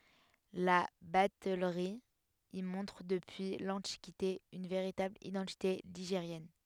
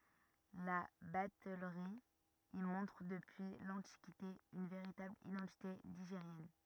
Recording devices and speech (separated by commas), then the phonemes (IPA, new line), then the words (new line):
headset microphone, rigid in-ear microphone, read sentence
la batɛlʁi i mɔ̃tʁ dəpyi lɑ̃tikite yn veʁitabl idɑ̃tite liʒeʁjɛn
La batellerie y montre depuis l'Antiquité une véritable identité ligérienne.